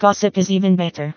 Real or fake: fake